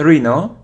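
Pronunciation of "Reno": This is an incorrect pronunciation of 'rhino'.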